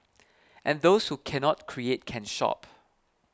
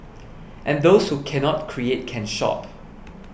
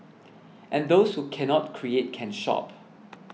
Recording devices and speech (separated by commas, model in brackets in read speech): close-talking microphone (WH20), boundary microphone (BM630), mobile phone (iPhone 6), read sentence